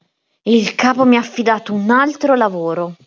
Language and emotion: Italian, angry